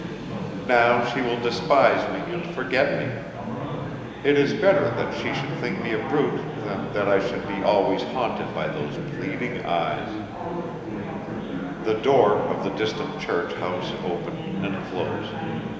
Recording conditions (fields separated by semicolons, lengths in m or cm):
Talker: one person; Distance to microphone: 1.7 m; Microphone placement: close; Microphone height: 1.0 m; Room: very reverberant, large; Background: babble